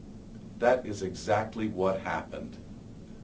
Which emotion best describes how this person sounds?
neutral